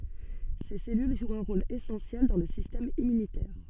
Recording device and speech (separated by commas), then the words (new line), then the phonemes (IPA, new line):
soft in-ear microphone, read sentence
Ces cellules jouent un rôle essentiel dans le système immunitaire.
se sɛlyl ʒwt œ̃ ʁol esɑ̃sjɛl dɑ̃ lə sistɛm immynitɛʁ